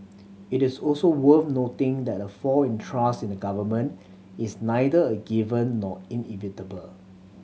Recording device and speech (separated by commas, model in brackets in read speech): mobile phone (Samsung C7100), read sentence